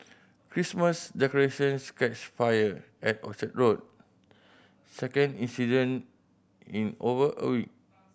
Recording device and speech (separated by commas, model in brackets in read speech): boundary microphone (BM630), read sentence